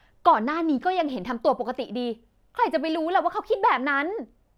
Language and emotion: Thai, frustrated